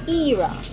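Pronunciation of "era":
'Era' is said with the British pronunciation, not the American one.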